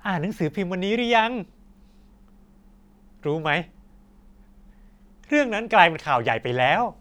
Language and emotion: Thai, happy